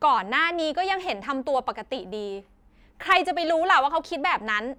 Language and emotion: Thai, angry